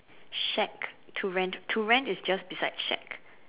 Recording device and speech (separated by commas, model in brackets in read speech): telephone, conversation in separate rooms